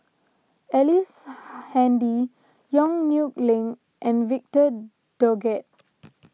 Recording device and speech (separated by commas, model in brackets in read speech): mobile phone (iPhone 6), read sentence